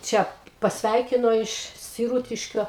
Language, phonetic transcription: Lithuanian, ˈčia pasˈveikino iš siˈrūtiškio

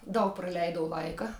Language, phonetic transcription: Lithuanian, ˈdaug praˈleidau ˈlaika

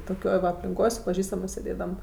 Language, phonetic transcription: Lithuanian, toˈkioj va aplinˈkoj su paˈžįstamɜs sėˈdėdam

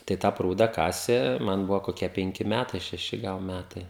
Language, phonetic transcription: Lithuanian, tai ˈtą ˈprūda ˈkasė ˈman ˈbuvo koˈkie penˈki ˈmætai šeˈši ˈgal ˈmætai

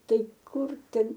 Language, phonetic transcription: Lithuanian, ˈtai ˈkur ˈten

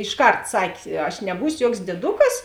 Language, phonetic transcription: Lithuanian, išˈkart ˈsak' aš neˈbūsio ˈjuoks dieˈdukas

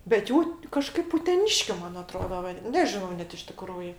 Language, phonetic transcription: Lithuanian, bet ˈjų ti kaˈžkaip uteˈniškiu ˈman aˈtroda ˈva ˈnežinau ˈnet iš tiˈkrųji

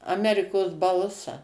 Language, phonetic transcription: Lithuanian, aˈmerikos ˈbalsa

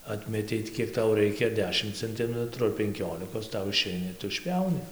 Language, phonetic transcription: Lithuanian, ˈatmetei ti ˈkiek ˈtau ˈraikia ar ˈdešim cenˈtimetru ar penˈkiolikos ˈtau iˈšeina ir ˈtu išˈpjauni

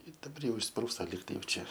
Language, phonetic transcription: Lithuanian, i daˈbar ˈjau išsˈprūsta ˈlyg tai jau ˈčia

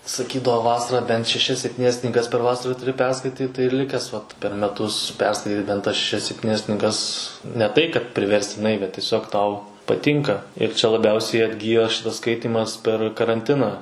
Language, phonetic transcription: Lithuanian, saˈkydavo ˈvasarą bent šeˈšias sepˈtynias knyˈgas per ˈvasara tuˈri ˈperskaityt tai ir ˈlikęs vat per meˈtus ˈperskaityt bent tas šeˈšias sepˈtynias knyˈgas ne ˈtai kad priverstiˈnai bet tieˈsiog ˈtau paˈtinka ir čia laˈbiausiai atˈgyjo ˈšitas ˈskaitymas per karanˈtiną

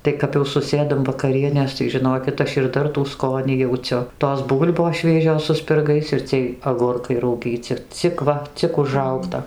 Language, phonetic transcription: Lithuanian, ˈtai kap jau suˈsėdam vakaˈrienės tai žiˈnokit ˈaš ir ˈdar tų ˈskonį jauˈciu tos ˈbūl'bos ˈšviežios su spirˈgais ir ˈciej agurˈkai rauˈgyci ˈcik va ˈcik užˈraugta

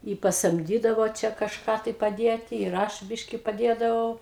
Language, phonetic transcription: Lithuanian, i pasamˈdydavo ˈčia kažˈką tai paˈdėti ir ˈaš ˈbiški paˈdėdavau

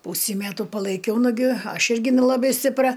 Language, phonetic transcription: Lithuanian, ˈpūsį ˈmetu palaiˈkiau nuˈgi ˈaš ˈirgi nelaˈbai stipˈra

